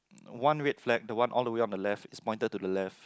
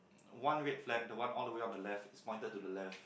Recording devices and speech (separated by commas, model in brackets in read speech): close-talking microphone, boundary microphone, conversation in the same room